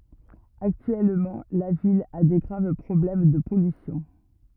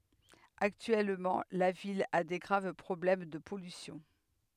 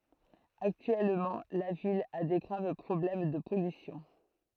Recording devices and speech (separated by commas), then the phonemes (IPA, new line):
rigid in-ear microphone, headset microphone, throat microphone, read sentence
aktyɛlmɑ̃ la vil a de ɡʁav pʁɔblɛm də pɔlysjɔ̃